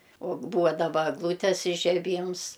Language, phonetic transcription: Lithuanian, o ˈbūva daˈba egˈlūtes ižeˈbyms

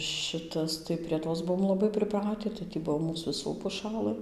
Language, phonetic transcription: Lithuanian, ˈšitas tai prie ˈtos ˈbuom laˈbai priˈprati tai tį ˈbuo ˈmūs viˈsų puˈšalɘ

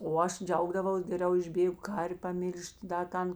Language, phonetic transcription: Lithuanian, o ˈaš ˈdžiaugdavaus geˈriau išˈbėgu ˈkar'v' paˈmil'ž't' da ˈtan

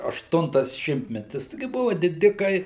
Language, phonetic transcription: Lithuanian, ašˈtuntas ˈšimtmetis ˈtigi ˈbuvo diˈdikai

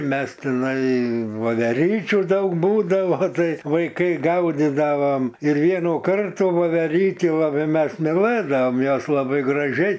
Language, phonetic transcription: Lithuanian, ˈmes tiˈnai voveˈryčių ˈdaug ˈbūdavo ˈtai vaiˈkai ˈgaudidavom ir ˈvienų ˈkartų voveˈrytį laˈbai ˈmes miˈlɘdaom ˈjos laˈbai graˈžiai

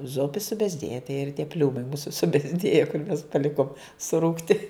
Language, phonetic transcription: Lithuanian, ˈzupi subezˈdėja tai ir tie ˈpliūmai ˈmūsu subezˈdėja kur mes paˈlikom suˈrūgti

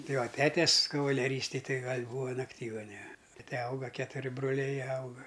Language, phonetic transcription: Lithuanian, ˈtai ˈva ˈtetes kavaleˈrystej ˈtai ˈgal' ˈbūva nakˈtygane ˈtete ˈauga ketuˈri broˈliai ˈauga

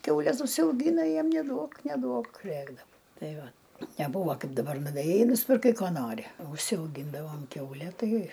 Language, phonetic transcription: Lithuanian, ˈkiaules užsiauˈgyna ˈjiem neˈduok neˈduok ˈrėkdav ˈtai ˈva neˈbūva ˈkaip daˈbar nuvėˈjai i nuspirˈkai ˈko ˈnori užsiauˈgyndavom ˈkiaule ˈtai

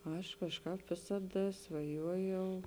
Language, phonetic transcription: Lithuanian, ˈaš kažˈkāp ˈvėsaˌda svaˈjuojau

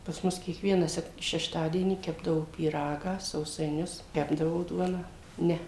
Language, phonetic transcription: Lithuanian, pas ˈmus kiekˈvieną ˈsek šešˈtadienį ˈkepdavo pyˈragą sausaiˈnius ˈkepdavo ˈduoną ˈne

